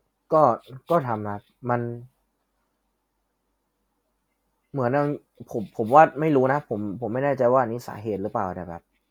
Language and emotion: Thai, neutral